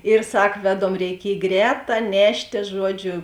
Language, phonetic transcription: Lithuanian, ir ˈsak ˈveˌdom reiˈkiej ˈgrēˌtā ˈneštė ˈžuoˌdžiu

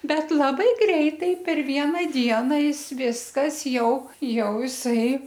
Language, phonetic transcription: Lithuanian, ˈbet laˈbai ˈgreitai per ˈvieną ˈdiena ˈjis ˈviskas ˈjau ˈjau jiˈsai

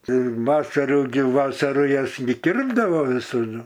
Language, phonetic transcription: Lithuanian, ˈtai ˈvasaru gi ˈvasaru ˈjas gi ˈkirpdavo visaˈdu

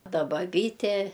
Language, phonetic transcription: Lithuanian, ˈta baˈbytė

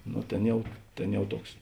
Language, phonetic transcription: Lithuanian, ˈno ˈtėn ˈjau ˈtėn ˈjau ˈtuoks

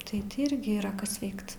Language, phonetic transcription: Lithuanian, tai ˈti ˈirgi yˈra ˈkas ˈveikt

